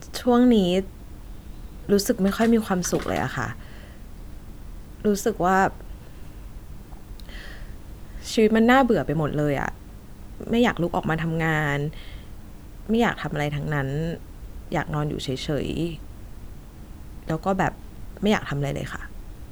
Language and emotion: Thai, sad